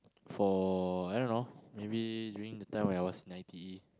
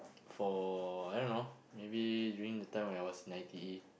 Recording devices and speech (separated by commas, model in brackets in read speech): close-talking microphone, boundary microphone, conversation in the same room